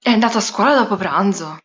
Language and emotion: Italian, surprised